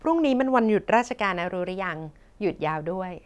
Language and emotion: Thai, happy